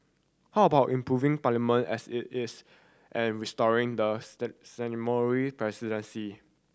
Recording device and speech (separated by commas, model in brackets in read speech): standing microphone (AKG C214), read sentence